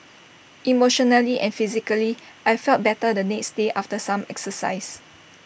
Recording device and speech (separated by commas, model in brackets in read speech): boundary microphone (BM630), read sentence